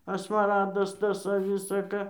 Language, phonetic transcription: Lithuanian, a smaˈradas ˈtas a ˈvisa ˈka

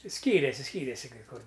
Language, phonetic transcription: Lithuanian, ˈskyrėsi ˈskyrėsi kai ˈkur

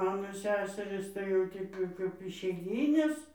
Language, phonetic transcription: Lithuanian, ˈmano ˈseserɨs tai jau ˈteip jau kaip išeiˈgynės

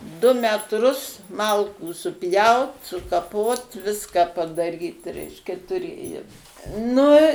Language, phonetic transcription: Lithuanian, du metˈrus ˈmalkų suˈpjaut sukaˈpot ˈviska padaˈryt ˈreiškia tuˈrėjom ˈnu

